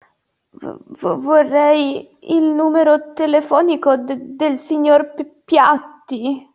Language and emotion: Italian, fearful